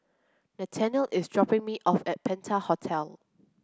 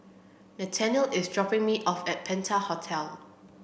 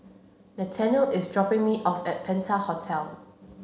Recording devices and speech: close-talking microphone (WH30), boundary microphone (BM630), mobile phone (Samsung C7), read sentence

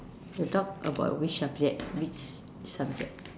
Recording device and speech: standing microphone, conversation in separate rooms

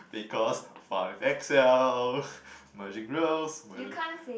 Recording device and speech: boundary microphone, conversation in the same room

